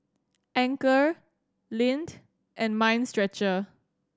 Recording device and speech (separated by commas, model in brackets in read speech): standing microphone (AKG C214), read sentence